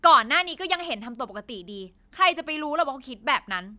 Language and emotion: Thai, angry